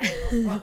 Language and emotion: Thai, neutral